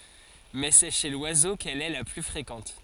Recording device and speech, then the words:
forehead accelerometer, read sentence
Mais c'est chez l'oiseau qu'elle est la plus fréquente.

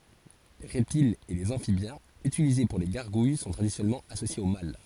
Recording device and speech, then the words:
forehead accelerometer, read sentence
Les reptiles et les amphibiens utilisés pour les gargouilles sont traditionnellement associés au mal.

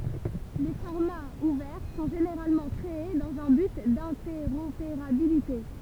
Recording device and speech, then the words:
temple vibration pickup, read sentence
Les formats ouverts sont généralement créés dans un but d’interopérabilité.

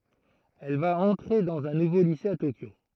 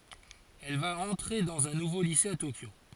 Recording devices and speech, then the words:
throat microphone, forehead accelerometer, read sentence
Elle va entrer dans un nouveau lycée à Tokyo.

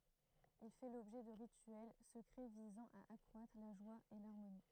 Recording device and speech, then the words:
throat microphone, read sentence
Il fait l'objet de rituels secrets visant à accroître la joie et l'harmonie.

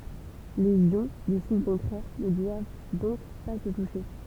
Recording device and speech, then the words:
temple vibration pickup, read sentence
Les ions de signes contraires ne doivent donc pas se toucher.

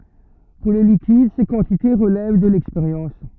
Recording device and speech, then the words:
rigid in-ear microphone, read sentence
Pour les liquides ces quantités relèvent de l'expérience.

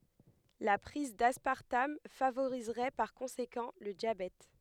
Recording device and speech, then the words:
headset microphone, read sentence
La prise d'aspartame favoriserait par conséquent le diabète.

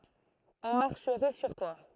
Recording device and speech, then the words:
throat microphone, read sentence
On marcherait sur toi.

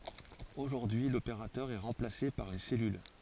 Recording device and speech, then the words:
forehead accelerometer, read sentence
Aujourd'hui, l'opérateur est remplacé par une cellule.

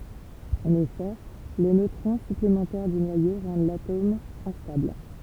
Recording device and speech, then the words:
temple vibration pickup, read sentence
En effet, les neutrons supplémentaires du noyau rendent l'atome instable.

